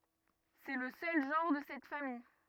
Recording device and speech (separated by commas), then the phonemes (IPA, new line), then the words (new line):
rigid in-ear microphone, read sentence
sɛ lə sœl ʒɑ̃ʁ də sɛt famij
C'est le seul genre de cette famille.